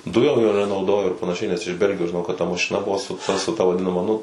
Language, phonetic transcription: Lithuanian, ˈdujom jo nenauˈdojo ir panaˈšiai nes iš ˈbelgijos žiˈnau kad ta mašiˈna ˈbuvo su ˈta su ˈta vaˈdinama ˈnu

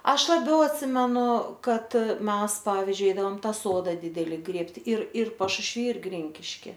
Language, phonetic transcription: Lithuanian, ˈaš laˈbiau atˈsimenu ˈkad ˈmes ˈpavizdžiui ˈeidavom ˈtą ˈsodą ˈdideli ˈgrėbti ir ir pašušˈvy ir ˈgrinkiški

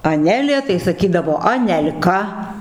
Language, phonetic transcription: Lithuanian, aˈnelė tai saˈkydavo anel'ˈka

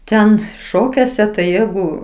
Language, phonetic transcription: Lithuanian, ˈten ˈšokiuose tai ˈjegu

